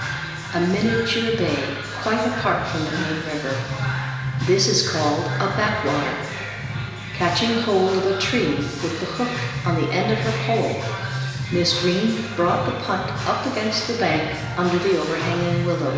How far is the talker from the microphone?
1.7 m.